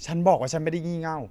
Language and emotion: Thai, neutral